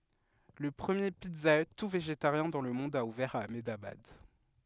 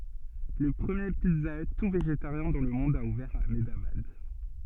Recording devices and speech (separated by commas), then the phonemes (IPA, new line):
headset microphone, soft in-ear microphone, read sentence
lə pʁəmje pizza y tu veʒetaʁjɛ̃ dɑ̃ lə mɔ̃d a uvɛʁ a amdabad